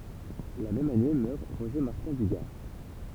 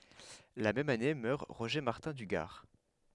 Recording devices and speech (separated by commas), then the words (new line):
temple vibration pickup, headset microphone, read sentence
La même année meurt Roger Martin du Gard.